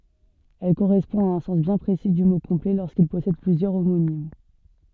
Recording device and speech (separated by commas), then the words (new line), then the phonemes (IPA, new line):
soft in-ear microphone, read sentence
Elle correspond à un sens bien précis du mot complet lorsqu'il possède plusieurs homonymes.
ɛl koʁɛspɔ̃ a œ̃ sɑ̃s bjɛ̃ pʁesi dy mo kɔ̃plɛ loʁskil pɔsɛd plyzjœʁ omonim